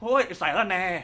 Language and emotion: Thai, frustrated